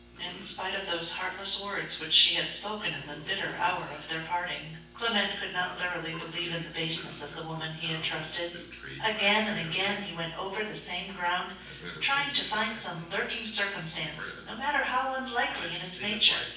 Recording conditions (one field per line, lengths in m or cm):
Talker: one person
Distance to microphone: 9.8 m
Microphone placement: far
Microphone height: 1.8 m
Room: large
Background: television